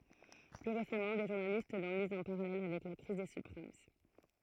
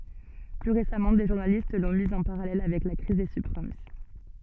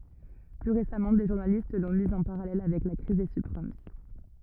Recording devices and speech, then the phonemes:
throat microphone, soft in-ear microphone, rigid in-ear microphone, read sentence
ply ʁesamɑ̃ de ʒuʁnalist lɔ̃ miz ɑ̃ paʁalɛl avɛk la kʁiz de sybpʁim

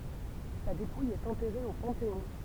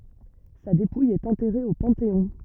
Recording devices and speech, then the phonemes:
temple vibration pickup, rigid in-ear microphone, read sentence
sa depuj ɛt ɑ̃tɛʁe o pɑ̃teɔ̃

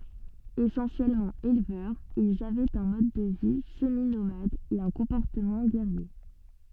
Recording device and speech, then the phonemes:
soft in-ear microphone, read sentence
esɑ̃sjɛlmɑ̃ elvœʁz ilz avɛt œ̃ mɔd də vi səminomad e œ̃ kɔ̃pɔʁtəmɑ̃ ɡɛʁje

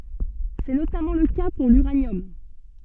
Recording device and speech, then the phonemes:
soft in-ear microphone, read sentence
sɛ notamɑ̃ lə ka puʁ lyʁanjɔm

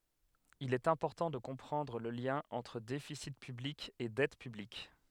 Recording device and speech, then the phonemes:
headset microphone, read sentence
il ɛt ɛ̃pɔʁtɑ̃ də kɔ̃pʁɑ̃dʁ lə ljɛ̃ ɑ̃tʁ defisi pyblik e dɛt pyblik

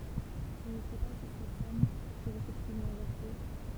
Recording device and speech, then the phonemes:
temple vibration pickup, read sentence
ɔ̃ nə sɛ pa si se sɔm fyʁt efɛktivmɑ̃ vɛʁse

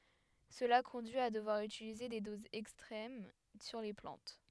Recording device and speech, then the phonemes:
headset microphone, read sentence
səla kɔ̃dyi a dəvwaʁ ytilize de dozz ɛkstʁɛm syʁ le plɑ̃t

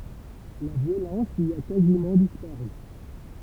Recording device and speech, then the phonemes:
temple vibration pickup, read sentence
la vjolɑ̃s i a kazimɑ̃ dispaʁy

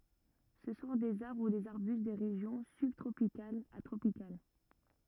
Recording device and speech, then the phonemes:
rigid in-ear microphone, read sentence
sə sɔ̃ dez aʁbʁ u dez aʁbyst de ʁeʒjɔ̃ sybtʁopikalz a tʁopikal

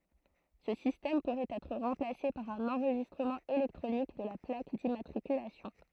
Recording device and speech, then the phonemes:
throat microphone, read sentence
sə sistɛm puʁɛt ɛtʁ ʁɑ̃plase paʁ œ̃n ɑ̃ʁʒistʁəmɑ̃ elɛktʁonik də la plak dimmatʁikylasjɔ̃

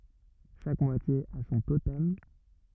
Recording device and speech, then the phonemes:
rigid in-ear microphone, read sentence
ʃak mwatje a sɔ̃ totɛm

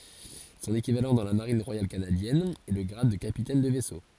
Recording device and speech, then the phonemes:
forehead accelerometer, read sentence
sɔ̃n ekivalɑ̃ dɑ̃ la maʁin ʁwajal kanadjɛn ɛ lə ɡʁad də kapitɛn də vɛso

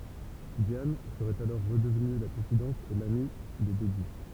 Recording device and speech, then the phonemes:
temple vibration pickup, read sentence
djan səʁɛt alɔʁ ʁədəvny la kɔ̃fidɑ̃t e lami de deby

